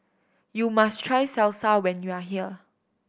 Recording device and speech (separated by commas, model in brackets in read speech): boundary microphone (BM630), read sentence